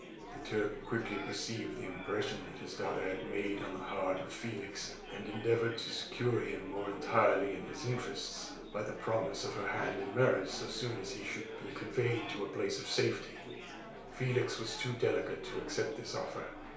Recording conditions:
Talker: one person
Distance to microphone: 1.0 m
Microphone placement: close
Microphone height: 1.1 m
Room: small (3.7 m by 2.7 m)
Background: babble

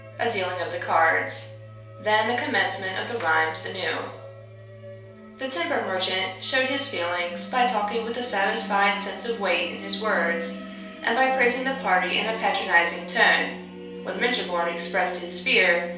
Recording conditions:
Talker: one person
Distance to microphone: 3.0 m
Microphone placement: far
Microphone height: 1.8 m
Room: small (3.7 m by 2.7 m)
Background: music

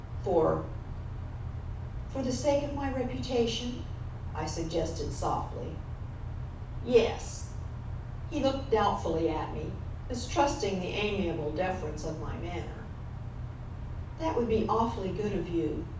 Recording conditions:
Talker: one person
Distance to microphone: 5.8 m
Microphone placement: far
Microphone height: 1.8 m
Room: medium-sized (5.7 m by 4.0 m)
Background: none

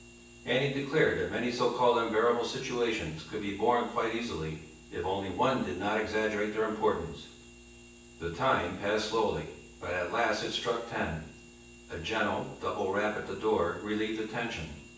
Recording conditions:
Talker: one person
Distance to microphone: 9.8 m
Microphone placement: far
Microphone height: 1.8 m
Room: large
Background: none

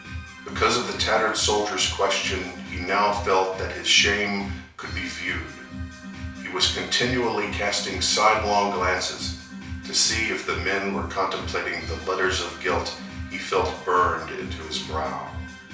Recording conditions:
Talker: one person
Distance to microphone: 3.0 m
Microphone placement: far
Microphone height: 1.8 m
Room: small (3.7 m by 2.7 m)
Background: music

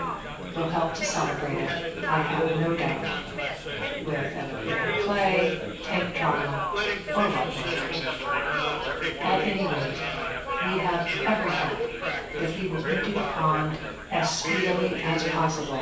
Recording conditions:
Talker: one person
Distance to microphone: 9.8 m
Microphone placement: far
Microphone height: 1.8 m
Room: large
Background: babble

